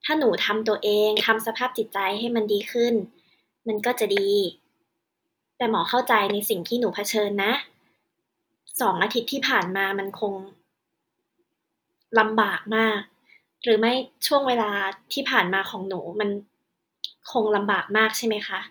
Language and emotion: Thai, neutral